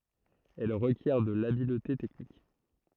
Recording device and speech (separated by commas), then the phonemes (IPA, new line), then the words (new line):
throat microphone, read sentence
ɛl ʁəkjɛʁ də labilte tɛknik
Elle requiert de l'habileté technique.